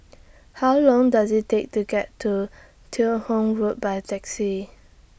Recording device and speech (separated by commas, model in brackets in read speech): boundary microphone (BM630), read sentence